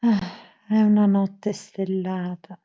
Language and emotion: Italian, sad